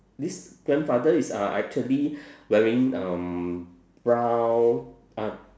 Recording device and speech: standing microphone, conversation in separate rooms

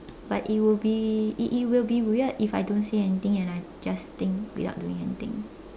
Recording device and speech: standing microphone, conversation in separate rooms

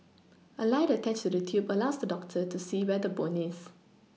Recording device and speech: mobile phone (iPhone 6), read sentence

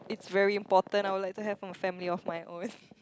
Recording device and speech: close-talking microphone, conversation in the same room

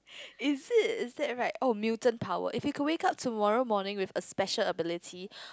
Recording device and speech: close-talking microphone, conversation in the same room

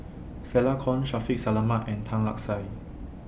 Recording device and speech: boundary microphone (BM630), read sentence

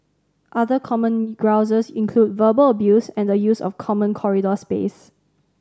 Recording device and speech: standing microphone (AKG C214), read sentence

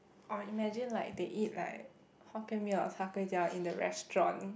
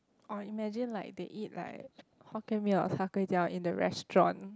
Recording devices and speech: boundary microphone, close-talking microphone, conversation in the same room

